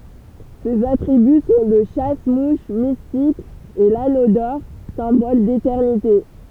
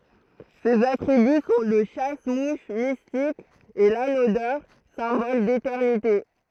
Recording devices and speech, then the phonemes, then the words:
temple vibration pickup, throat microphone, read sentence
sez atʁiby sɔ̃ lə ʃas muʃ mistik e lano dɔʁ sɛ̃bɔl detɛʁnite
Ses attributs sont le chasse-mouches mystique et l'anneau d'or, symbole d'éternité.

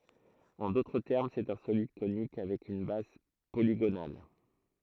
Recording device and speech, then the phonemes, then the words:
throat microphone, read sentence
ɑ̃ dotʁ tɛʁm sɛt œ̃ solid konik avɛk yn baz poliɡonal
En d'autres termes, c'est un solide conique avec une base polygonale.

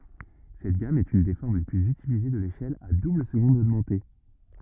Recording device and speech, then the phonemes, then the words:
rigid in-ear microphone, read sentence
sɛt ɡam ɛt yn de fɔʁm le plyz ytilize də leʃɛl a dubləzɡɔ̃d oɡmɑ̃te
Cette gamme est une des formes les plus utilisées de l'échelle à double-seconde augmentée.

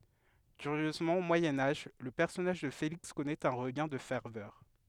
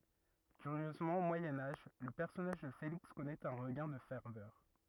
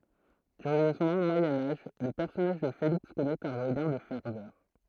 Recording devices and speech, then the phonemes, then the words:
headset microphone, rigid in-ear microphone, throat microphone, read sentence
kyʁjøzmɑ̃ o mwajɛ̃ aʒ lə pɛʁsɔnaʒ də feliks kɔnɛt œ̃ ʁəɡɛ̃ də fɛʁvœʁ
Curieusement au Moyen Âge le personnage de Félix connaît un regain de ferveur.

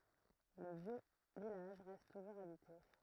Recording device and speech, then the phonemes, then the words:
throat microphone, read sentence
lə vjø vilaʒ ʁɛst tuʒuʁz abite
Le vieux village reste toujours habité.

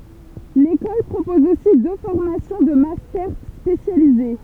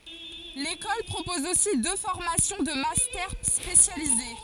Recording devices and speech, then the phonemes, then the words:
temple vibration pickup, forehead accelerometer, read sentence
lekɔl pʁopɔz osi dø fɔʁmasjɔ̃ də mastɛʁ spesjalize
L’école propose aussi deux formations de Mastère spécialisé.

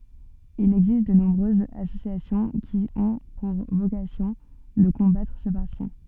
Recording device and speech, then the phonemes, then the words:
soft in-ear microphone, read sentence
il ɛɡzist də nɔ̃bʁøzz asosjasjɔ̃ ki ɔ̃ puʁ vokasjɔ̃ də kɔ̃batʁ sə paʁti
Il existe de nombreuses associations qui ont pour vocation de combattre ce parti.

